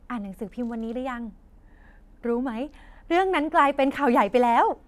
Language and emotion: Thai, happy